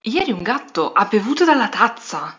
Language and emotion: Italian, surprised